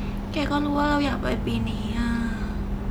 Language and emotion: Thai, sad